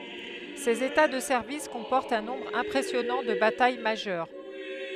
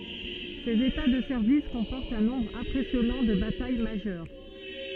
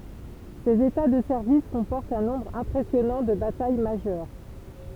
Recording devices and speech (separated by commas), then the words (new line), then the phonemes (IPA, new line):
headset microphone, soft in-ear microphone, temple vibration pickup, read sentence
Ses états de service comportent un nombre impressionnant de batailles majeures.
sez eta də sɛʁvis kɔ̃pɔʁtt œ̃ nɔ̃bʁ ɛ̃pʁɛsjɔnɑ̃ də bataj maʒœʁ